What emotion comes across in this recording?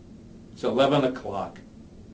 disgusted